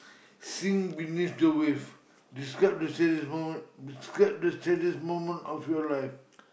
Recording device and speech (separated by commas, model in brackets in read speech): boundary microphone, conversation in the same room